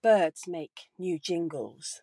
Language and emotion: English, neutral